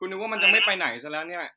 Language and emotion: Thai, frustrated